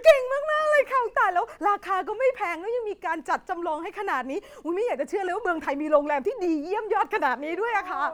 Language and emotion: Thai, happy